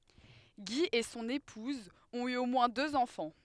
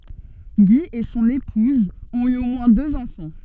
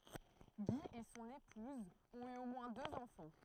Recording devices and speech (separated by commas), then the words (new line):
headset microphone, soft in-ear microphone, throat microphone, read sentence
Guy et son épouse ont eu au moins deux enfants.